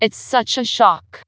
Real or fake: fake